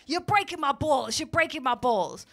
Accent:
american accent